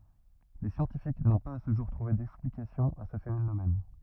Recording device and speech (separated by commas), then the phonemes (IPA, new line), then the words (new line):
rigid in-ear microphone, read sentence
le sjɑ̃tifik nɔ̃ paz a sə ʒuʁ tʁuve dɛksplikasjɔ̃ a sə fenomɛn
Les scientifiques n'ont pas à ce jour trouvé d'explication à ce phénomène.